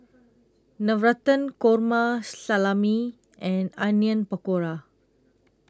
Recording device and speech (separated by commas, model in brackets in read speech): close-talking microphone (WH20), read sentence